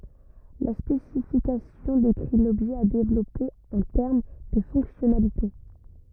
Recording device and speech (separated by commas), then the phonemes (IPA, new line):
rigid in-ear microphone, read sentence
la spesifikasjɔ̃ dekʁi lɔbʒɛ a devlɔpe ɑ̃ tɛʁm də fɔ̃ksjɔnalite